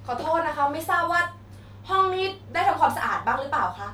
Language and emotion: Thai, angry